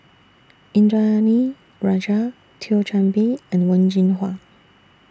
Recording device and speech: standing microphone (AKG C214), read sentence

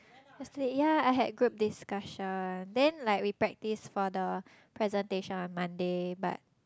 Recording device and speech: close-talking microphone, conversation in the same room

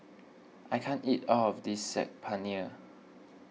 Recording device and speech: mobile phone (iPhone 6), read sentence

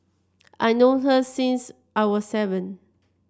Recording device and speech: standing microphone (AKG C214), read sentence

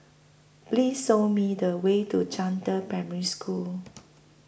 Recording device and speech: boundary microphone (BM630), read sentence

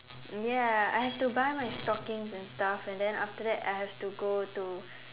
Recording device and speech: telephone, conversation in separate rooms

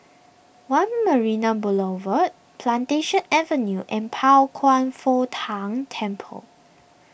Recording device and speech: boundary microphone (BM630), read sentence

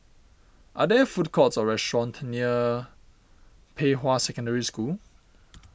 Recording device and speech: boundary microphone (BM630), read sentence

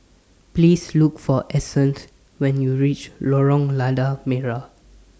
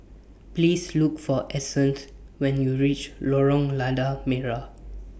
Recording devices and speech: standing microphone (AKG C214), boundary microphone (BM630), read sentence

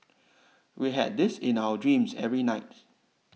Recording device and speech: mobile phone (iPhone 6), read sentence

